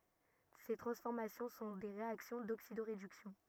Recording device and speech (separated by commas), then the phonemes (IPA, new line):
rigid in-ear microphone, read sentence
se tʁɑ̃sfɔʁmasjɔ̃ sɔ̃ de ʁeaksjɔ̃ doksidoʁedyksjɔ̃